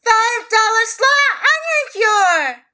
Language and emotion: English, surprised